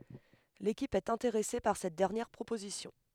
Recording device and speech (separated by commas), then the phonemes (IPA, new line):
headset microphone, read sentence
lekip ɛt ɛ̃teʁɛse paʁ sɛt dɛʁnjɛʁ pʁopozisjɔ̃